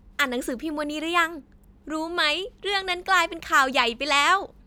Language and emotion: Thai, happy